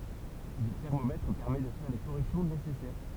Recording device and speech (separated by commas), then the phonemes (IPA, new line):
temple vibration pickup, read sentence
lə tɛʁmomɛtʁ pɛʁmɛ də fɛʁ le koʁɛksjɔ̃ nesɛsɛʁ